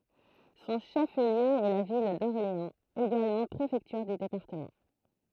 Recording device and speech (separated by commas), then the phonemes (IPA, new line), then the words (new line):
throat microphone, read sentence
sɔ̃ ʃəfliø ɛ la vil dɔʁleɑ̃z eɡalmɑ̃ pʁefɛktyʁ dy depaʁtəmɑ̃
Son chef-lieu est la ville d'Orléans, également préfecture du département.